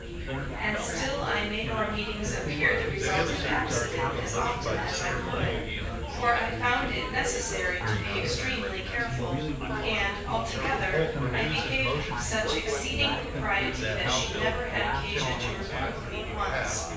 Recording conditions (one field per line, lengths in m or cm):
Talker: one person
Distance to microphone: 9.8 m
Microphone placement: far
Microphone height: 1.8 m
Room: large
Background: babble